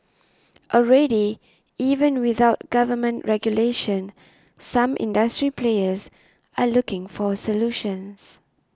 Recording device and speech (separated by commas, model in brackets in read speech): standing microphone (AKG C214), read sentence